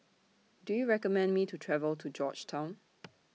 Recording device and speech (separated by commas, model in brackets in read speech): mobile phone (iPhone 6), read sentence